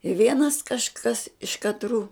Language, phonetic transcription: Lithuanian, i ˈvienas kažˈkas iš katˈrų

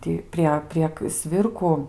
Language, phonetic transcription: Lithuanian, ˈtį prie prieg ˈsvirku

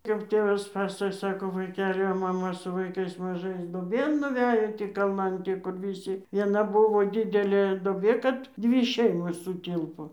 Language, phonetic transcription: Lithuanian, kap ˈtėvas ˈpasakoj ˈsako vaiˈkeli o maˈma su vaiˈkais maˈžais duoˈbėn nuˈvæjo tį kalˈnan ˈkur viˈsi vieˈna ˈbuvo ˈdidelė doˈbė ˈkad ˈdvi ˈšeimos suˈtilpo

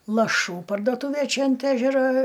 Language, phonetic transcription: Lithuanian, laˈšų pardoˈtūvė ˈčia ant ˈežero

